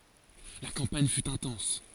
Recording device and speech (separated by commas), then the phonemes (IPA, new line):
forehead accelerometer, read sentence
la kɑ̃paɲ fy ɛ̃tɑ̃s